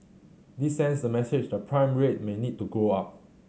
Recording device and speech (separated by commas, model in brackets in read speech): mobile phone (Samsung C7100), read sentence